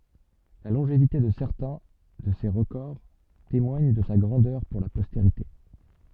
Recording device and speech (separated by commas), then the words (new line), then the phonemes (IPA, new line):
soft in-ear microphone, read sentence
La longévité de certains de ses records témoigne de sa grandeur pour la postérité.
la lɔ̃ʒevite də sɛʁtɛ̃ də se ʁəkɔʁ temwaɲ də sa ɡʁɑ̃dœʁ puʁ la pɔsteʁite